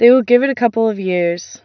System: none